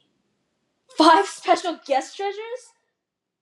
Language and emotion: English, surprised